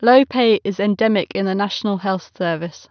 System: none